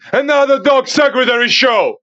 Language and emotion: English, happy